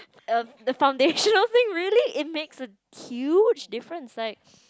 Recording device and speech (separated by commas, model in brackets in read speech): close-talking microphone, conversation in the same room